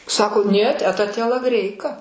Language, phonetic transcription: Lithuanian, ˈsako niet ˈeta tielaˈgreika

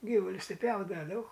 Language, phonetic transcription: Lithuanian, ˈgyvulius ˈti ˈpjaudava daug

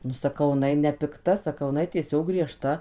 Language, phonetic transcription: Lithuanian, nu saˈkau iˈnai nepikˈta saˈkau iˈnai tieˈsiog grieˈžta

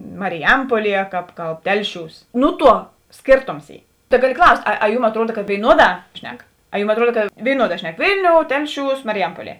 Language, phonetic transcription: Lithuanian, mariˈjampuoˌlie kāp ˈkalb ˈtelˌšiūs ˈnu ˌtuo ˈskėrˌtoms ˈy ta ˈgaˌli ˈklaust' a a ˈjūm atˈruoda ka vėiˈnuoˌdā ˈšnek a ˈjūm atˈruoda ka vėiˈnuoˌdā ˈšnek ˈvilˌniou ˈtelˌšiūs mariˈjampuoˌlie

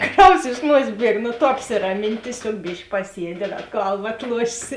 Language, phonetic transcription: Lithuanian, ˈkraus iš ˈnuosės ˈbieg nu ˈtu apsiraˈmin tieˈsiog ˈbišk paˈsiedi ˈda ˈgalva atˈluošėsi

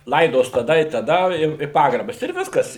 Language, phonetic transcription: Lithuanian, ˈlaidos taˈda i taˈda ˈjau i ˈpagrabas ir ˈviskas

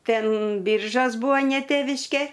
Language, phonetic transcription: Lithuanian, ˈten ˈbiržos ˈbūa ne ˈtėviškė

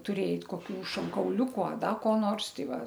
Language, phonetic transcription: Lithuanian, tuˈrėjai koˈkių šonkauˈliūku a ˈda ko ˈnors ˈtai ˈva

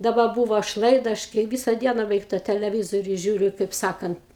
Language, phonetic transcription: Lithuanian, daˈba ˈbūvo aš ˈlaida ˈaš kai ˈvisa ˈdiena beˈveik tą teleˈvizoriu ˈžiūriu kaip ˈsakant

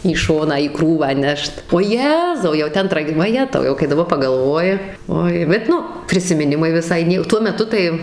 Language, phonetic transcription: Lithuanian, į ˈšoną į ˈkrūvą ˈnešt o ˈjezau jau ˈten ˈtrag vaˈjetau ˈjau kai daˈbar pagalˈvoji ˈoi bet ˈnu prisimiˈnimai viˈsai ˈnie ˈtuo meˈtu tai

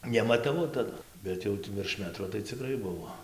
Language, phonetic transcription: Lithuanian, nemataˈvau taˈdu ˈbet jau virš ˈmetro tai ciˈkrai ˈbuvo

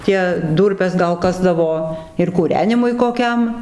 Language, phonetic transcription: Lithuanian, ˈtie ˈdūrpes gal ˈkasdavo ir kūˈrenimui koˈkiam

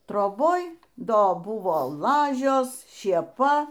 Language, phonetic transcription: Lithuanian, troˈboj ˈdo ˈbuvo ˈlažios šėˈpa

